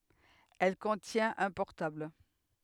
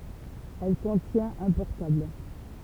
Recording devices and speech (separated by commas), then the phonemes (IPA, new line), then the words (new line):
headset microphone, temple vibration pickup, read sentence
ɛl kɔ̃tjɛ̃t œ̃ pɔʁtabl
Elle contient un portable.